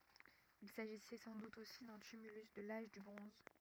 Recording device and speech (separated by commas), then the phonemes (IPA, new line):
rigid in-ear microphone, read sentence
il saʒisɛ sɑ̃ dut osi dœ̃ tymylys də laʒ dy bʁɔ̃z